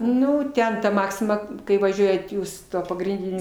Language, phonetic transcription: Lithuanian, ˈnu ˈten ˈmaksima kai vaˈžiuojat ˈjūs ˈtuo pagrinˈdiniu

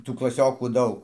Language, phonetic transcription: Lithuanian, ˈtų klaˈsiokų ˈdaug

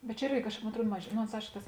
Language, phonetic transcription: Lithuanian, bet čia ˈirgi mon atˈruod maž ˈno ons ˈaiško ˈtas

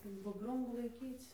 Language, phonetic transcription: Lithuanian, ir budˈrumų laiˈkyc

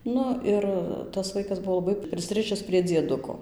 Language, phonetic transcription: Lithuanian, ˈnu ir tas ˈvaikas ˈbuvo laˈbai prisˈrɨšis prie dzieˈduko

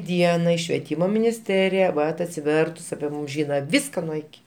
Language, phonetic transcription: Lithuanian, ˈdienai švieˈtymo minisˈterija ˈvat atsiˈvertus api ˈmūm ˈžyna ˈviska nuo iˈki

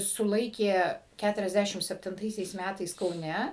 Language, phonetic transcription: Lithuanian, suˈlaikė ˌkæturiasˈdæšim septinˈtaisiais ˈmætais kauˈne

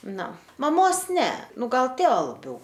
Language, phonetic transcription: Lithuanian, ˈnu maˈmos ˈne ˈnu ˈgal ˈtėva laˈbiau

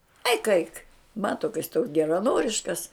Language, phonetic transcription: Lithuanian, aik aik ˈmato ka jis toks geraˈnoriškas

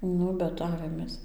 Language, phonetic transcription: Lithuanian, ˈnu bet ˈavėmės

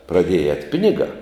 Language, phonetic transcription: Lithuanian, praˈdieja ēt' ˈpinigā

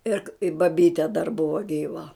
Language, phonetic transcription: Lithuanian, ˈir i baˈbyte dar ˈbuva ˈgyva

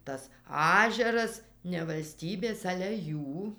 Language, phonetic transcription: Lithuanian, tas ˈažeras ne valˈstybės ˈale ˈjų

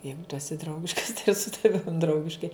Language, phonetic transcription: Lithuanian, ˈjeigu tu eˈsi ˈdraugiškas tai ir su taˈvim ˈdraugiškai

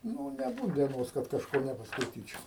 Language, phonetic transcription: Lithuanian, ˈnū neˈbūt dieˈnos kad kažˈko nepaskaiˈtyčiau

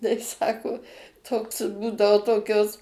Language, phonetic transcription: Lithuanian, tai ˈsako ˈtoks ˈbūdao ˈtokios

